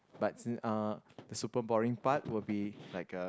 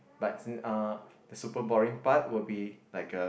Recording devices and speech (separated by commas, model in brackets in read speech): close-talking microphone, boundary microphone, conversation in the same room